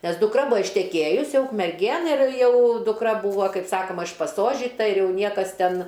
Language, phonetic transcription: Lithuanian, nes dukˈra ˈbua išteˈkėjus ˈjau ukmerˈgėn ir ˈjau dukˈra ˈbūva ˈkaip ˈsakoma išpaˈsožyta ir ˈjau ˈniekas ˈten

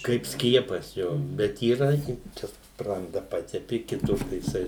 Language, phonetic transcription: Lithuanian, kaip ˈskiepas ˈjo bet yˈra ˈji ˈčia ˈspranda ˈpatepi kiˈtur tai jiˈsai

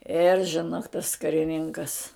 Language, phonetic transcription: Lithuanian, ir žiˈnok tas kariˈninkas

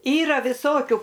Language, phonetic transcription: Lithuanian, ˈyra viˈsokiu

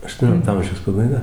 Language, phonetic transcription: Lithuanian, aštuoˈniolikto ˈamžiaus pabaiˈga

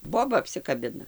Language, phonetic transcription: Lithuanian, ˈboba apsikaˈbina

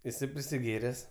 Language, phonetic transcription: Lithuanian, iˈsai prisiˈgėres

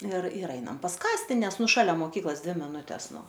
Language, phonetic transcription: Lithuanian, ir ir ˈainam pas ˈkasti ˈnes ˈnu šaˈlia moˈkyklos ˈdvi miˈnutes ˈnu

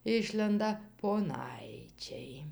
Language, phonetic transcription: Lithuanian, ˈišlenda poˈnaičiai

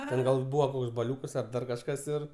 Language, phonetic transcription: Lithuanian, ˈten gal ˈbūvo ˈkoks baˈliūkas ar ˈdar kažˈkas ir

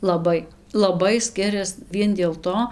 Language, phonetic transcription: Lithuanian, laˈbai laˈbai ˈskirias ˈvien dėl ˈto

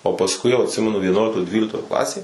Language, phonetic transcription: Lithuanian, o pasˈkui jau atˈsimenu vieˈnuoliktoj ˈdvyliktoj ˈklasėj

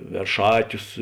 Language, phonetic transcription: Lithuanian, verˈšātius

